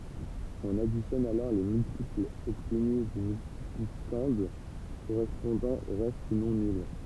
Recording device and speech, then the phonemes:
temple vibration pickup, read sentence
ɔ̃n aditjɔn alɔʁ le myltiplz ɔbtny dy myltiplikɑ̃d koʁɛspɔ̃dɑ̃ o ʁɛst nɔ̃ nyl

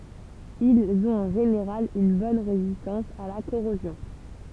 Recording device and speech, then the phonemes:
temple vibration pickup, read sentence
ilz ɔ̃t ɑ̃ ʒeneʁal yn bɔn ʁezistɑ̃s a la koʁozjɔ̃

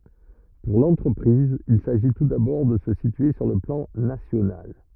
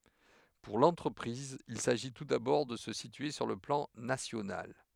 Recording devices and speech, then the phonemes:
rigid in-ear microphone, headset microphone, read sentence
puʁ lɑ̃tʁəpʁiz il saʒi tu dabɔʁ də sə sitye syʁ lə plɑ̃ nasjonal

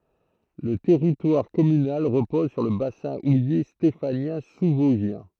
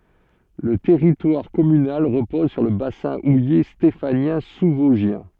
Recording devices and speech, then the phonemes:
throat microphone, soft in-ear microphone, read sentence
lə tɛʁitwaʁ kɔmynal ʁəpɔz syʁ lə basɛ̃ uje stefanjɛ̃ suzvɔzʒjɛ̃

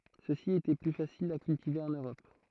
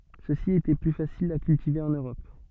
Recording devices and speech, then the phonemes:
throat microphone, soft in-ear microphone, read sentence
søksi etɛ ply fasilz a kyltive ɑ̃n øʁɔp

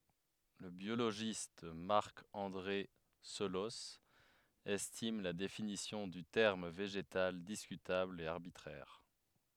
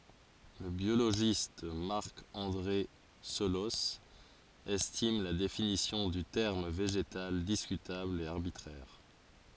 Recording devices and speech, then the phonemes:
headset microphone, forehead accelerometer, read sentence
lə bjoloʒist maʁk ɑ̃dʁe səlɔs ɛstim la definisjɔ̃ dy tɛʁm veʒetal diskytabl e aʁbitʁɛʁ

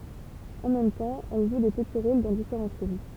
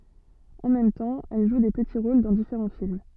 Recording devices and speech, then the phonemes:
temple vibration pickup, soft in-ear microphone, read sentence
ɑ̃ mɛm tɑ̃ ɛl ʒu de pəti ʁol dɑ̃ difeʁɑ̃ film

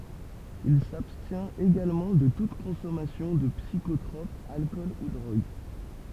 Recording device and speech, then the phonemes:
temple vibration pickup, read sentence
il sabstjɛ̃t eɡalmɑ̃ də tut kɔ̃sɔmasjɔ̃ də psikotʁɔp alkɔl u dʁoɡ

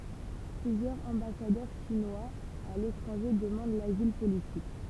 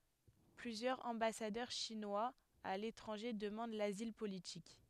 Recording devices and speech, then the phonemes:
temple vibration pickup, headset microphone, read sentence
plyzjœʁz ɑ̃basadœʁ ʃinwaz a letʁɑ̃ʒe dəmɑ̃d lazil politik

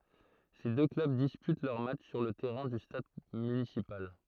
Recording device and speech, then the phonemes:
throat microphone, read sentence
se dø klœb dispyt lœʁ matʃ syʁ lə tɛʁɛ̃ dy stad mynisipal

